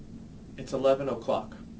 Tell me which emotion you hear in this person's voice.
neutral